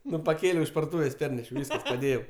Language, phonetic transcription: Lithuanian, ˈnu paˈkėliau iš parduˈtūvės' ˈpernešiau ˈvyskas paˈdėjau

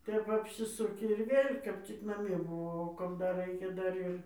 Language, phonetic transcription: Lithuanian, ˈtep apsiˈsuki ir ˈvėl' kap ˈcik naˈmie buˈvau o kap ˈdar ˈraikia ˈdar ir

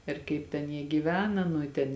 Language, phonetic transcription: Lithuanian, ir ˈkaip ten ˈjie gyˈvena nu i ˈten

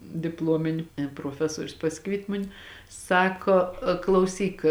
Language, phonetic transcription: Lithuanian, dipˈlomini proˈfesuorius paˈsikviet' ˈmuni ˈsako klauˈsyk

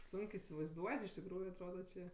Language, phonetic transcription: Lithuanian, ˈsunk i isivaizˈduot' iš tikˈrųju atˈroda čė

